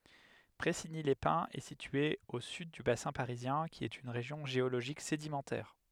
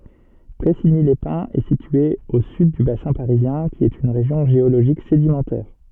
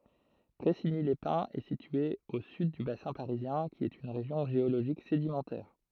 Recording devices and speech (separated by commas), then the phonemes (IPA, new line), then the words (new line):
headset microphone, soft in-ear microphone, throat microphone, read sentence
pʁɛsiɲilɛspɛ̃z ɛ sitye o syd dy basɛ̃ paʁizjɛ̃ ki ɛt yn ʁeʒjɔ̃ ʒeoloʒik sedimɑ̃tɛʁ
Pressigny-les-Pins est située au sud du bassin parisien qui est une région géologique sédimentaire.